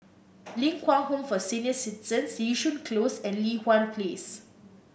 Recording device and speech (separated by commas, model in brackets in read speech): boundary microphone (BM630), read sentence